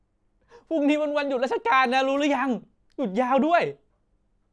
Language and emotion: Thai, happy